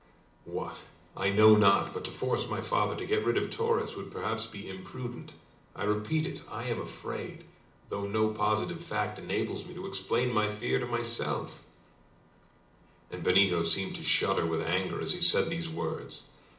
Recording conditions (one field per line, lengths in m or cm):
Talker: one person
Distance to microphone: 2.0 m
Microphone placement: close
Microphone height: 99 cm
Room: medium-sized (5.7 m by 4.0 m)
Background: none